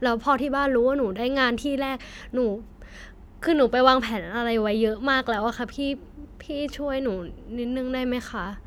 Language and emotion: Thai, frustrated